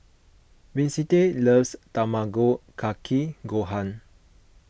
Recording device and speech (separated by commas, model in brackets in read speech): boundary microphone (BM630), read sentence